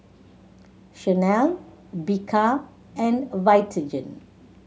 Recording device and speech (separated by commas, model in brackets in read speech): mobile phone (Samsung C7100), read sentence